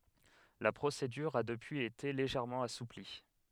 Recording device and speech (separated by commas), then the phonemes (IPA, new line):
headset microphone, read sentence
la pʁosedyʁ a dəpyiz ete leʒɛʁmɑ̃ asupli